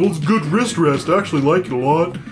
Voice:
goofy voice